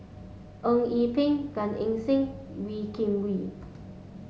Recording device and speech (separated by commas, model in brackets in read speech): mobile phone (Samsung S8), read sentence